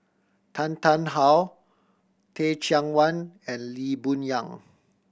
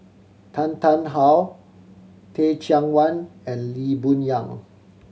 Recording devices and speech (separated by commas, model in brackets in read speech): boundary microphone (BM630), mobile phone (Samsung C7100), read sentence